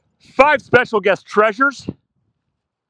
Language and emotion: English, disgusted